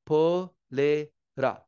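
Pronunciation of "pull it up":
'Pull it up' is said slowly, with the words put together, and the t in 'it' is a flap T.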